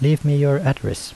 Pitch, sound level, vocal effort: 140 Hz, 77 dB SPL, soft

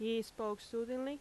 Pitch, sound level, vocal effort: 225 Hz, 86 dB SPL, loud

